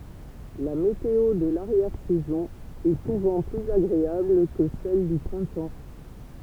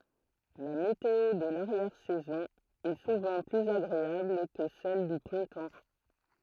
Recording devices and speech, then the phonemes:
temple vibration pickup, throat microphone, read sentence
la meteo də laʁjɛʁ sɛzɔ̃ ɛ suvɑ̃ plyz aɡʁeabl kə sɛl dy pʁɛ̃tɑ̃

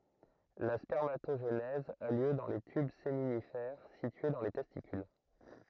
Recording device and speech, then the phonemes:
throat microphone, read sentence
la spɛʁmatoʒenɛz a ljø dɑ̃ le tyb seminifɛʁ sitye dɑ̃ le tɛstikyl

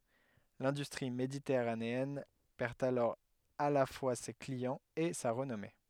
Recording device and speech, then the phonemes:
headset microphone, read sentence
lɛ̃dystʁi meditɛʁaneɛn pɛʁ alɔʁ a la fwa se kliɑ̃z e sa ʁənɔme

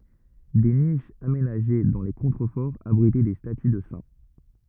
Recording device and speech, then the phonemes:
rigid in-ear microphone, read sentence
de niʃz amenaʒe dɑ̃ le kɔ̃tʁəfɔʁz abʁitɛ de staty də sɛ̃

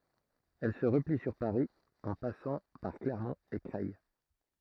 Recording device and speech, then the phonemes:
throat microphone, read sentence
ɛl sə ʁəpli syʁ paʁi ɑ̃ pasɑ̃ paʁ klɛʁmɔ̃t e kʁɛj

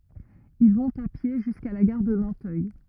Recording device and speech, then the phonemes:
rigid in-ear microphone, read sentence
il vɔ̃t a pje ʒyska la ɡaʁ də nɑ̃tœj

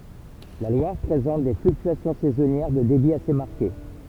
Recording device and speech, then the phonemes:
temple vibration pickup, read sentence
la lwaʁ pʁezɑ̃t de flyktyasjɔ̃ sɛzɔnjɛʁ də debi ase maʁke

